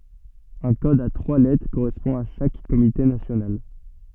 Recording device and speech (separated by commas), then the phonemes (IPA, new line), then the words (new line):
soft in-ear microphone, read sentence
œ̃ kɔd a tʁwa lɛtʁ koʁɛspɔ̃ a ʃak komite nasjonal
Un code à trois lettres correspond à chaque comité national.